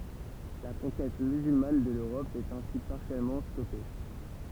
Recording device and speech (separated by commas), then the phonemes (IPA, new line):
temple vibration pickup, read sentence
la kɔ̃kɛt myzylman də løʁɔp ɛt ɛ̃si paʁsjɛlmɑ̃ stɔpe